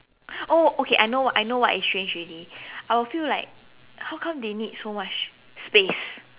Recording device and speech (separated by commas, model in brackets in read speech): telephone, conversation in separate rooms